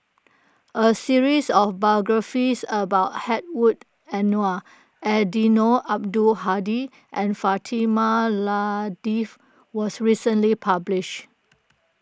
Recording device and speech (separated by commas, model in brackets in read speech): close-talking microphone (WH20), read sentence